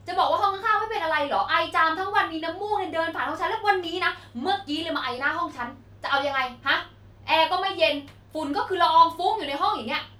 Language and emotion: Thai, angry